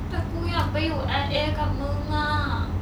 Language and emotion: Thai, frustrated